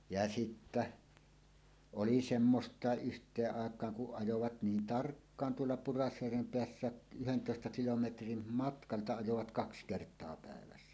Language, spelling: Finnish, ja sitten oli semmoista yhteen aikaan kun ajoivat niin tarkkaan tuolla Pudasjärven päässä yhdentoista kilometrin matkalta ajoivat kaksi kertaa päivässä
- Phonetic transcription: ja sittä , 'oli "semmost̀àeˀ 'ˀyht̀eeˀ 'ˀàek̀aaŋ kuˀ ˀajovat 'niin "tarkkaan tuolla "Purasjärvem "peässääˀ 'ˀyhentòesta kilometrim matkalta ajovat "kaks "kert̀oa 'pä̀evässä .

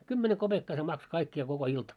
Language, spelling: Finnish, kymmenen kopeekkaa se maksoi kaikkia koko ilta
- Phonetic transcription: 'kymmene 'koʙekkaa se 'makso 'kaikki₍a koko 'ilta .

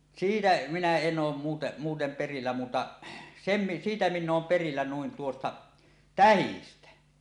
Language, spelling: Finnish, siitä minä en ole muuten muuten perillä muuta sen - siitä minä olen perillä noin tuosta tähdistä
- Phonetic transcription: siitä "minä 'en 'oom muute , 'muutem 'perillä muuta , 'sem mi- , 'siitä 'minn ‿oom perillä nuin tuosta , "tähistä .

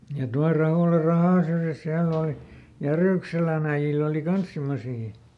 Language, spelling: Finnish, ja tuolla Rahola rahan syrjässä siellä oli Järykselän äijillä oli kanssa semmoisia
- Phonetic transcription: ja tual ˈRahòla "rahàn̬ syrjäs ˈsiäll ‿òli , ˈJärỳkselän ‿äi-ʲil ‿òli "kans ˈsimmosii .

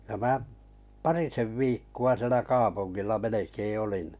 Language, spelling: Finnish, ja minä parisen viikkoa siellä kaupungilla melkein olin
- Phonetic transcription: ja 'mää’ , "parisev 'viikku₍a sⁱelä 'kaapunnilla 'melekee 'olin .

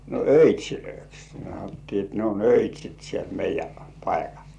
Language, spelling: Finnish, no öitseiksi sanottiin että ne on öitsit siellä meidän paikalla
- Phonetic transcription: no öit́̀śilöiks sanottii et ne on "öit́śit siel 'meij̆jä paikal .

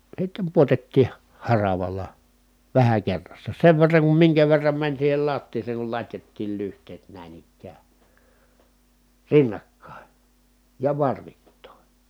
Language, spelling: Finnish, sitten pudotettiin - haravalla vähän kerrassa sen verran kuin minkä verran meni siihen lattiaan kun latjattiin lyhteet näin ikään rinnakkain ja varvittain
- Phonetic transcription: sittem puotettii , ha- haravala , vähä kerrassa , sev verraŋ kum miŋkä verram mäń siihel lattiiseeŋ kul lat́jattiil lyht̀eet nä̀in ‿ikkää , rinnakkàe , ja varvittòe .

